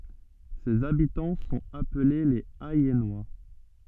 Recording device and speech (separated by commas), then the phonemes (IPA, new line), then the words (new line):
soft in-ear microphone, read sentence
sez abitɑ̃ sɔ̃t aple lez ɛjɛnwa
Ses habitants sont appelés les Ayennois.